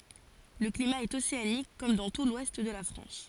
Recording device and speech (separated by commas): forehead accelerometer, read sentence